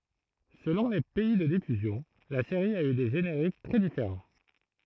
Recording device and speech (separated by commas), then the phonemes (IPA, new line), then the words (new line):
throat microphone, read sentence
səlɔ̃ le pɛi də difyzjɔ̃ la seʁi a y de ʒeneʁik tʁɛ difeʁɑ̃
Selon les pays de diffusion, la série a eu des génériques très différents.